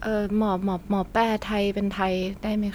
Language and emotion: Thai, neutral